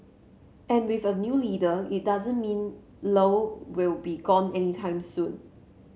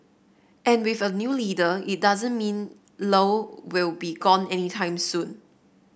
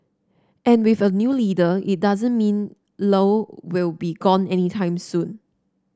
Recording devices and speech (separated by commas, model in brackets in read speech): mobile phone (Samsung C7), boundary microphone (BM630), standing microphone (AKG C214), read sentence